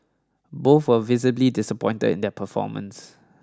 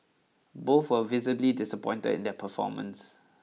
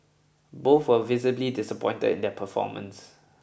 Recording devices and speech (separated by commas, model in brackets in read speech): standing microphone (AKG C214), mobile phone (iPhone 6), boundary microphone (BM630), read sentence